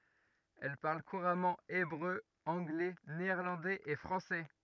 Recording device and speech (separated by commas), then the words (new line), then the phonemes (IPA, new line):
rigid in-ear microphone, read sentence
Elle parle couramment hébreu, anglais, néerlandais et français.
ɛl paʁl kuʁamɑ̃ ebʁø ɑ̃ɡlɛ neɛʁlɑ̃dɛz e fʁɑ̃sɛ